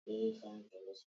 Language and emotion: English, sad